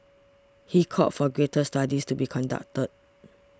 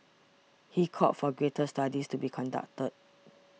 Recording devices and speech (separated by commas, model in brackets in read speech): standing microphone (AKG C214), mobile phone (iPhone 6), read sentence